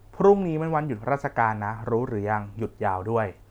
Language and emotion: Thai, neutral